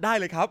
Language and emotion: Thai, happy